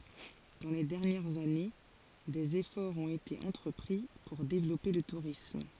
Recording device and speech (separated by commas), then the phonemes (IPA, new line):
forehead accelerometer, read sentence
dɑ̃ le dɛʁnjɛʁz ane dez efɔʁz ɔ̃t ete ɑ̃tʁəpʁi puʁ devlɔpe lə tuʁism